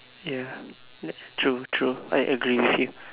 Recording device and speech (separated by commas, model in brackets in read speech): telephone, conversation in separate rooms